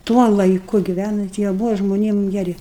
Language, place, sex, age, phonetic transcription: Lithuanian, Aukštaitija, female, 60+, ˈtuo laiˈku giˈvænant jie ˈbuva žmoˈniem geˈri

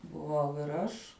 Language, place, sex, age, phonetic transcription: Lithuanian, Žemaitija, female, 18-60, buˈvau ir ˈaš

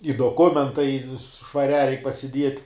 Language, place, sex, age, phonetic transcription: Lithuanian, Žemaitija, male, 18-60, i doˈkumentai švaˈriā reik pasiˈdiet'

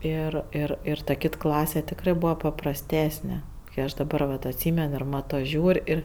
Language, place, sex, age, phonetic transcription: Lithuanian, Aukštaitija, female, 18-60, ˈir ir ˈir ta ˈkit ˈklase tikˈrɜ ˈbūva paprasˈtesne kɜ ˈaš daˈbar vat atˈsymen ir ˈmato ˈžiūr' ˈir

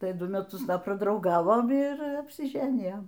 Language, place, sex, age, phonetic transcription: Lithuanian, Aukštaitija, female, 60+, ˈtai ˈdu meˈtus ˈda pradrauˈgavom ir apsiˈženijom

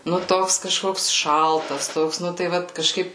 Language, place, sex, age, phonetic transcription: Lithuanian, Suvalkija, female, 18-60, nu ˈtoks kaˈžkoks ˈšaltas ˈtoks ˈnu tai ˈvat kaˈžkaip

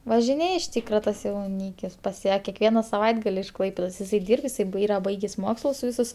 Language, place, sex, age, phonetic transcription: Lithuanian, Aukštaitija, female, 18-60, važiˈnėj iš ˈtykra ˈtas jauˈnykis pas ˈją kekˈviena saˈvaitgal' iš ˈklaipėdos iˈsai ˈdyrb iˈsai ˈbai ˈyra ˈbaigės' ˈmokslus ˈvisus

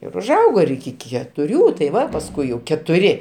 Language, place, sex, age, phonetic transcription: Lithuanian, Aukštaitija, male, 60+, ir užˈaugo ir iki ketuˈrių tai ˈva pasˈkui jau ketuˈri

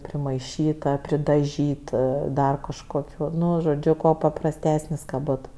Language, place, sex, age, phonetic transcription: Lithuanian, Aukštaitija, female, 18-60, primaiˈšyta pridaˈžyta ˈdar kažkoˈkių ˈnu žoˈdžiu kuo paprasˈtesnis ka ˈbot

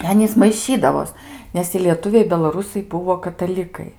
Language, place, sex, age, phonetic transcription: Lithuanian, Aukštaitija, female, 18-60, i ˈanys maiˈšydavos ˈnes i lieˈtuviai belaˈrusai ˈbuvo kataˈlikai

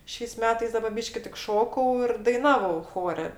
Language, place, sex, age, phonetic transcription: Lithuanian, Aukštaitija, female, 60+, ˈšiais ˈmetais ˈdaba ˈbyški tik ˈšokau ir daiˈnavau ˈchore

